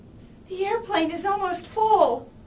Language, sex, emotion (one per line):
English
female
fearful